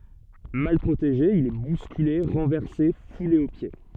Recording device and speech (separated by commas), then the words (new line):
soft in-ear microphone, read sentence
Mal protégé, il est bousculé, renversé, foulé aux pieds.